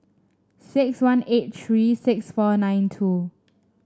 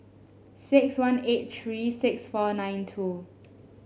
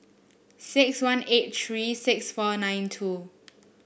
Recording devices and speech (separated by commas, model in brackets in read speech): standing microphone (AKG C214), mobile phone (Samsung S8), boundary microphone (BM630), read sentence